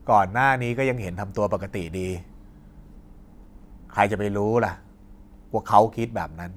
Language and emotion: Thai, frustrated